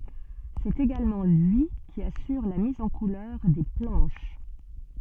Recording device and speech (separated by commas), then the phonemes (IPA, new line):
soft in-ear microphone, read sentence
sɛt eɡalmɑ̃ lyi ki asyʁ la miz ɑ̃ kulœʁ de plɑ̃ʃ